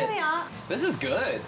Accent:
British accent